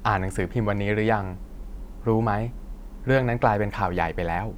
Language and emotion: Thai, neutral